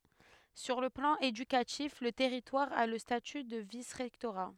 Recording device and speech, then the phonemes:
headset microphone, read sentence
syʁ lə plɑ̃ edykatif lə tɛʁitwaʁ a lə staty də visʁɛktoʁa

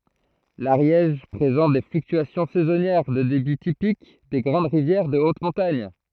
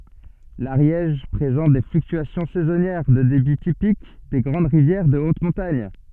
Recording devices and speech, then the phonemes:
throat microphone, soft in-ear microphone, read sentence
laʁjɛʒ pʁezɑ̃t de flyktyasjɔ̃ sɛzɔnjɛʁ də debi tipik de ɡʁɑ̃d ʁivjɛʁ də ot mɔ̃taɲ

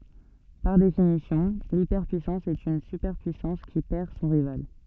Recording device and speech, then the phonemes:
soft in-ear microphone, read sentence
paʁ definisjɔ̃ lipɛʁpyisɑ̃s ɛt yn sypɛʁpyisɑ̃s ki pɛʁ sɔ̃ ʁival

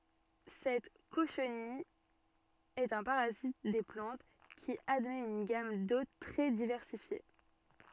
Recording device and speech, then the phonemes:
soft in-ear microphone, read sentence
sɛt koʃnij ɛt œ̃ paʁazit de plɑ̃t ki admɛt yn ɡam dot tʁɛ divɛʁsifje

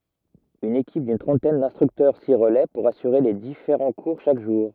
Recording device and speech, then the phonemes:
rigid in-ear microphone, read sentence
yn ekip dyn tʁɑ̃tɛn dɛ̃stʁyktœʁ si ʁəlɛ puʁ asyʁe le difeʁɑ̃ kuʁ ʃak ʒuʁ

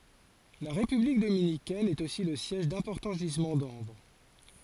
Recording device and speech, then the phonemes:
forehead accelerometer, read sentence
la ʁepyblik dominikɛn ɛt osi lə sjɛʒ dɛ̃pɔʁtɑ̃ ʒizmɑ̃ dɑ̃bʁ

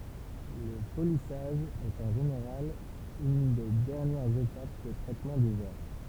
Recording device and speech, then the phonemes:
temple vibration pickup, read sentence
lə polisaʒ ɛt ɑ̃ ʒeneʁal yn de dɛʁnjɛʁz etap də tʁɛtmɑ̃ dy vɛʁ

